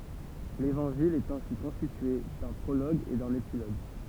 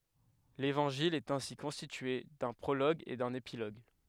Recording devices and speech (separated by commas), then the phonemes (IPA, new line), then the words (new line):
temple vibration pickup, headset microphone, read sentence
levɑ̃ʒil ɛt ɛ̃si kɔ̃stitye dœ̃ pʁoloɡ e dœ̃n epiloɡ
L'évangile est ainsi constitué d'un prologue et d'un épilogue.